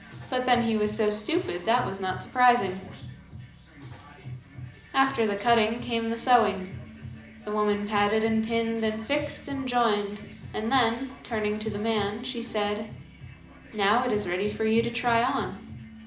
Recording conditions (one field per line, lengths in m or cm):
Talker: one person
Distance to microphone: 2.0 m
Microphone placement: close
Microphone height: 99 cm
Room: medium-sized (5.7 m by 4.0 m)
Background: music